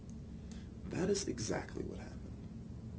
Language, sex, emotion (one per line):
English
male
neutral